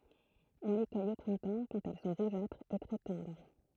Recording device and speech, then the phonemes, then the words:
throat microphone, read sentence
ɔ̃ le kœj o pʁɛ̃tɑ̃ kɑ̃t ɛl sɔ̃ ʁuʒatʁz e tʁɛ tɑ̃dʁ
On les cueille au printemps quand elles sont rougeâtres et très tendres.

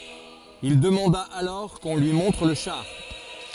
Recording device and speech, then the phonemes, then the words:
forehead accelerometer, read sentence
il dəmɑ̃da alɔʁ kɔ̃ lyi mɔ̃tʁ lə ʃaʁ
Il demanda alors qu’on lui montre le char.

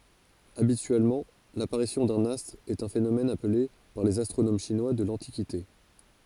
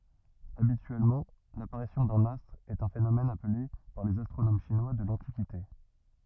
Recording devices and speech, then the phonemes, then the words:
forehead accelerometer, rigid in-ear microphone, read sentence
abityɛlmɑ̃ lapaʁisjɔ̃ dœ̃n astʁ ɛt œ̃ fenomɛn aple paʁ lez astʁonom ʃinwa də lɑ̃tikite
Habituellement, l'apparition d'un astre est un phénomène appelé par les astronomes chinois de l'Antiquité.

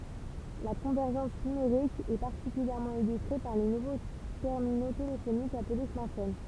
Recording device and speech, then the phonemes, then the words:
temple vibration pickup, read sentence
la kɔ̃vɛʁʒɑ̃s nymeʁik ɛ paʁtikyljɛʁmɑ̃ ilystʁe paʁ le nuvo tɛʁmino telefonikz aple smaʁtfon
La convergence numérique est particulièrement illustrée par les nouveaux terminaux téléphoniques appelés smartphones.

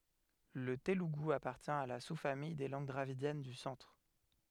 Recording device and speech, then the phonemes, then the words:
headset microphone, read sentence
lə teluɡu apaʁtjɛ̃ a la su famij de lɑ̃ɡ dʁavidjɛn dy sɑ̃tʁ
Le télougou appartient à la sous-famille des langues dravidiennes du centre.

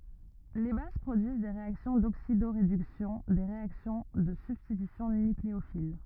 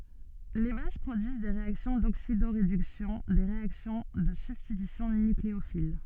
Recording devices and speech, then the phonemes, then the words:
rigid in-ear microphone, soft in-ear microphone, read sentence
le baz pʁodyiz de ʁeaksjɔ̃ doksidoʁedyksjɔ̃ de ʁeaksjɔ̃ də sybstitysjɔ̃ nykleofil
Les bases produisent des réactions d'oxydoréduction, des réactions de substitution nucléophile…

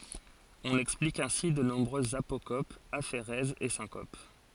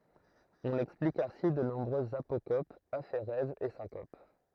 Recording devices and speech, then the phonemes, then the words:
forehead accelerometer, throat microphone, read sentence
ɔ̃n ɛksplik ɛ̃si də nɔ̃bʁøzz apokopz afeʁɛzz e sɛ̃kop
On explique ainsi de nombreuses apocopes, aphérèses et syncopes.

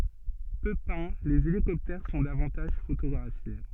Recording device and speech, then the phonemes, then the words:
soft in-ear microphone, read sentence
pø pɛ̃ lez elikɔptɛʁ sɔ̃ davɑ̃taʒ fotoɡʁafje
Peu peints, les hélicoptères sont davantage photographiés.

